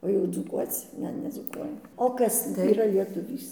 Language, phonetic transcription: Lithuanian, o jau dzūˈkuoc ˈne nedzūˈkuojam o ˈkas yˈra lietuˈvys

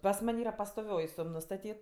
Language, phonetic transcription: Lithuanian, pas ˈman' ˈyra pastoˈvioj ˈsum nustaˈtyt

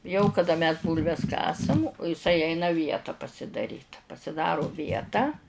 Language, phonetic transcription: Lithuanian, jau kaˈda mes ˈbūlves ˈkasam iˈsai ˈeina ˈvieta pasidaˈryt pasiˈdaro ˈvietą

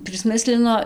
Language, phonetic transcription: Lithuanian, prisˈmislino

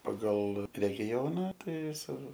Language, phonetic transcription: Lithuanian, paˈgal regiˈjona ˈtai ˈjis ir

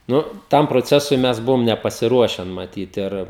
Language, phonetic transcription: Lithuanian, ˈnu ˈtam proˈcesui ˈmes ˈbuvom nepasiˈruošen maˈtyt ir

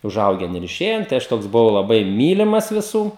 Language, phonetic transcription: Lithuanian, uˈžaugen ir iˈšėjen tai ˈaš ˈtoks buˈvau laˈbai ˈmylimas viˈsų

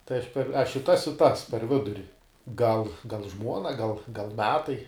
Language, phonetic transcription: Lithuanian, tai ˈaš per ˈaš i ˈtas i ˈtas per ˈviduri gal gal ˈžmuona gal gal ˈmetai

